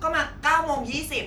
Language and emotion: Thai, neutral